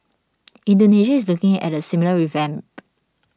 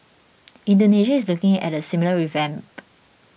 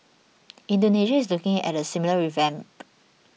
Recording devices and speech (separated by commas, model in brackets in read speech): standing microphone (AKG C214), boundary microphone (BM630), mobile phone (iPhone 6), read sentence